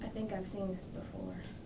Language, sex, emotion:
English
female
sad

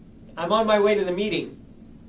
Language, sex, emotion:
English
male
neutral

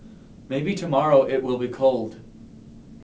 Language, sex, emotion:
English
male
neutral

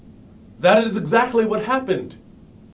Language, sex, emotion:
English
male
angry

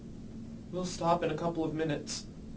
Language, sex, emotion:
English
male
sad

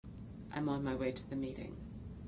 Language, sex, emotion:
English
female
neutral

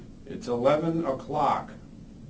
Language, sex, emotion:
English
male
neutral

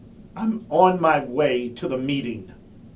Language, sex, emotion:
English
male
angry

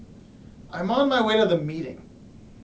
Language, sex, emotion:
English
male
angry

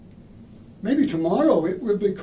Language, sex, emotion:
English
male
neutral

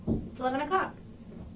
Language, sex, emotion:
English
female
happy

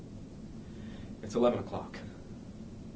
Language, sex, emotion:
English
male
fearful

